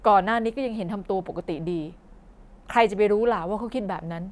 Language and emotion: Thai, frustrated